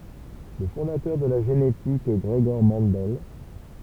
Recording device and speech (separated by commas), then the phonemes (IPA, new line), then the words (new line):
temple vibration pickup, read sentence
lə fɔ̃datœʁ də la ʒenetik ɡʁəɡɔʁ mɑ̃dɛl
Le fondateur de la génétique Gregor Mendel.